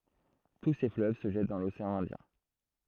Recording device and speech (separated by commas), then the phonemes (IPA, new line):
throat microphone, read sentence
tu se fløv sə ʒɛt dɑ̃ loseɑ̃ ɛ̃djɛ̃